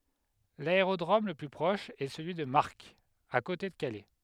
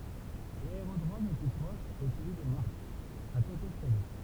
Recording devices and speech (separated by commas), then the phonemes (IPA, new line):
headset microphone, temple vibration pickup, read sentence
laeʁodʁom lə ply pʁɔʃ ɛ səlyi də maʁk a kote də kalɛ